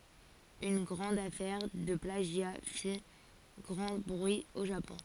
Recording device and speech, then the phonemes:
forehead accelerometer, read sentence
yn ɡʁɑ̃d afɛʁ də plaʒja fi ɡʁɑ̃ bʁyi o ʒapɔ̃

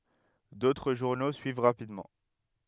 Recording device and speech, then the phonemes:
headset microphone, read sentence
dotʁ ʒuʁno syiv ʁapidmɑ̃

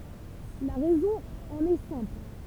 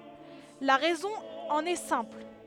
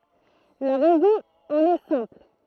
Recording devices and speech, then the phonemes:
temple vibration pickup, headset microphone, throat microphone, read sentence
la ʁɛzɔ̃ ɑ̃n ɛ sɛ̃pl

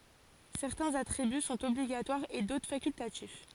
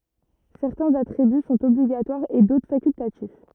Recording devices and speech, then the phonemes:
forehead accelerometer, rigid in-ear microphone, read sentence
sɛʁtɛ̃z atʁiby sɔ̃t ɔbliɡatwaʁz e dotʁ fakyltatif

